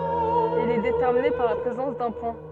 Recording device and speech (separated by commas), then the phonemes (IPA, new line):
soft in-ear microphone, read sentence
il ɛ detɛʁmine paʁ la pʁezɑ̃s dœ̃ pɔ̃